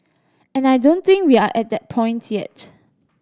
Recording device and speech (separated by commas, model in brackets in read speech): standing microphone (AKG C214), read sentence